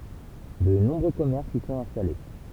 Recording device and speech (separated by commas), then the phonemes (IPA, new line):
temple vibration pickup, read sentence
də nɔ̃bʁø kɔmɛʁsz i sɔ̃t ɛ̃stale